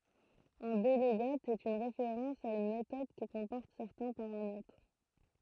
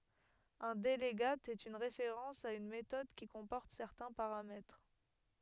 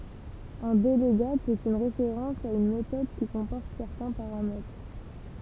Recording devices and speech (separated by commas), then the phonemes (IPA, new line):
throat microphone, headset microphone, temple vibration pickup, read sentence
œ̃ dəlɡat ɛt yn ʁefeʁɑ̃s a yn metɔd ki kɔ̃pɔʁt sɛʁtɛ̃ paʁamɛtʁ